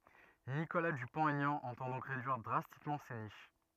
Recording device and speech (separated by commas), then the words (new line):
rigid in-ear microphone, read sentence
Nicolas Dupont-Aignan entend donc réduire drastiquement ces niches.